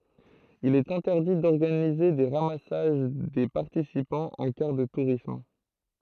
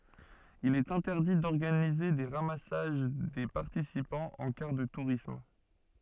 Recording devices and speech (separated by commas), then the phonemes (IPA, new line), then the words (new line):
throat microphone, soft in-ear microphone, read sentence
il ɛt ɛ̃tɛʁdi dɔʁɡanize de ʁamasaʒ de paʁtisipɑ̃z ɑ̃ kaʁ də tuʁism
Il est interdit d'organiser des ramassages des participants en car de tourisme.